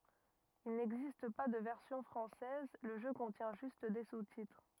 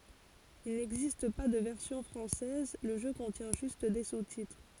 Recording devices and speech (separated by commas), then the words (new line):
rigid in-ear microphone, forehead accelerometer, read sentence
Il n'existe pas de version française, le jeu contient juste des sous-titres.